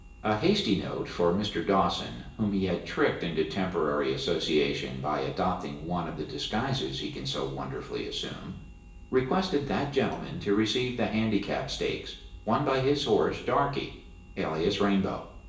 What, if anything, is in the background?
Nothing.